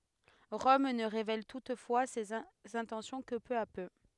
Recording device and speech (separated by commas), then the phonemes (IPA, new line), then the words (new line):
headset microphone, read sentence
ʁɔm nə ʁevɛl tutfwa sez ɛ̃tɑ̃sjɔ̃ kə pø a pø
Rome ne révèle toutefois ses intentions que peu à peu.